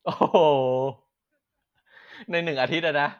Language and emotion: Thai, happy